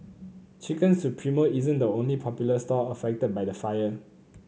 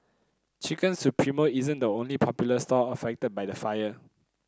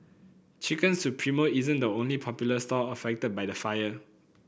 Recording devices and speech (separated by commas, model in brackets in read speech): mobile phone (Samsung C9), close-talking microphone (WH30), boundary microphone (BM630), read sentence